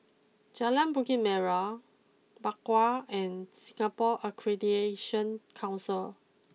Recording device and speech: mobile phone (iPhone 6), read sentence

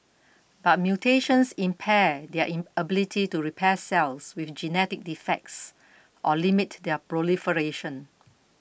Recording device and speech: boundary microphone (BM630), read sentence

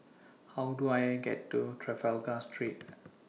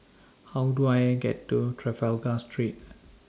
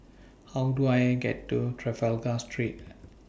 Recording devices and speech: mobile phone (iPhone 6), standing microphone (AKG C214), boundary microphone (BM630), read sentence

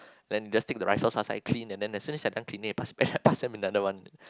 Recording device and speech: close-talking microphone, conversation in the same room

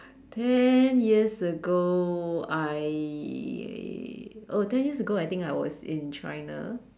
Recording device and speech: standing microphone, conversation in separate rooms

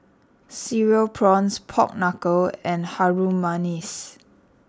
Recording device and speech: standing microphone (AKG C214), read sentence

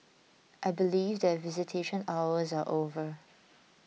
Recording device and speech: mobile phone (iPhone 6), read sentence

